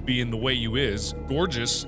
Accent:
sliiight Southern drawl